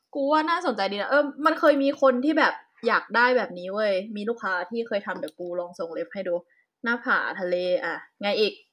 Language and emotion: Thai, neutral